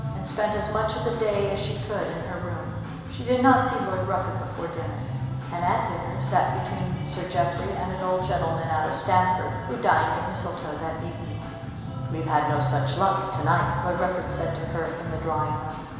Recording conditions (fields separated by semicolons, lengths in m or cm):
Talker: one person; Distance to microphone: 1.7 m; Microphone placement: close; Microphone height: 1.0 m; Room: very reverberant, large; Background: music